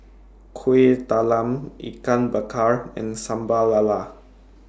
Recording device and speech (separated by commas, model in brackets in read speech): standing microphone (AKG C214), read sentence